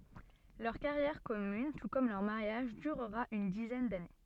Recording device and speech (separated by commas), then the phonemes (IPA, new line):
soft in-ear microphone, read sentence
lœʁ kaʁjɛʁ kɔmyn tu kɔm lœʁ maʁjaʒ dyʁʁa yn dizɛn dane